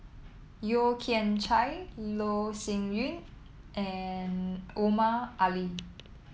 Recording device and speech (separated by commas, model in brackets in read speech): mobile phone (iPhone 7), read sentence